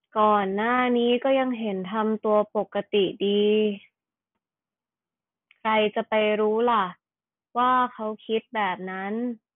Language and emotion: Thai, neutral